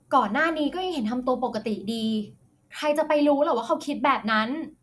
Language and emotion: Thai, frustrated